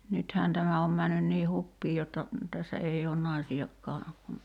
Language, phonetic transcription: Finnish, 'nythään 'tämä om männyn nii "huppii jotta , 'tässä 'ei oon "naisi₍akkaa , (kun) ,.
- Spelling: nythän tämä on mennyt niin hupiin jotta tässä ei ole naisiakaan kun

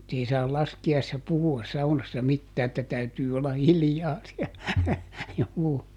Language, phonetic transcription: Finnish, sanottiin että , -- ˈei saal ˈlaski₍aissa ˈpuhu₍as ˈsaunassa "mittää että ˈtäytyy olla "hiljaa si₍ä , ˈjuu .
- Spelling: sanottiin että - ei saa laskiaisena puhua saunassa mitään että täytyy olla hiljaa siellä juu

